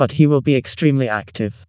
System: TTS, vocoder